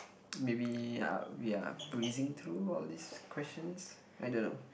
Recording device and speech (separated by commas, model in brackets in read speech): boundary microphone, conversation in the same room